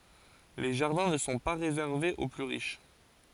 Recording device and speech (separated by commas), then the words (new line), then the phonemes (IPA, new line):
forehead accelerometer, read sentence
Les jardins ne sont pas réservés aux plus riches.
le ʒaʁdɛ̃ nə sɔ̃ pa ʁezɛʁvez o ply ʁiʃ